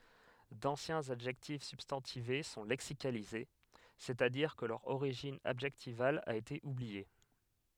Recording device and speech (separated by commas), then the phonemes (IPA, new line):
headset microphone, read sentence
dɑ̃sjɛ̃z adʒɛktif sybstɑ̃tive sɔ̃ lɛksikalize sɛstadiʁ kə lœʁ oʁiʒin adʒɛktival a ete ublie